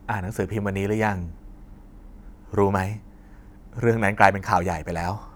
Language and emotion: Thai, frustrated